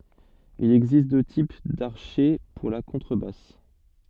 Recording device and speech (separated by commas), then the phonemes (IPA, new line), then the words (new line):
soft in-ear microphone, read sentence
il ɛɡzist dø tip daʁʃɛ puʁ la kɔ̃tʁəbas
Il existe deux types d'archet pour la contrebasse.